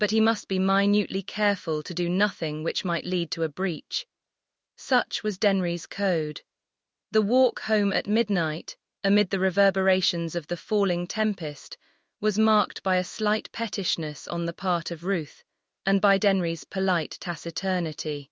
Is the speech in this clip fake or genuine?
fake